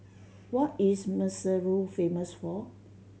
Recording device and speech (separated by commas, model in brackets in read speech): mobile phone (Samsung C7100), read sentence